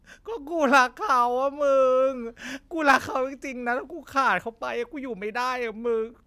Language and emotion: Thai, sad